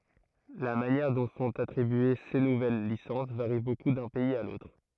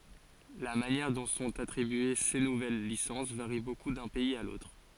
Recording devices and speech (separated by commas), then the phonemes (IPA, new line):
throat microphone, forehead accelerometer, read sentence
la manjɛʁ dɔ̃ sɔ̃t atʁibye se nuvɛl lisɑ̃s vaʁi boku dœ̃ pɛiz a lotʁ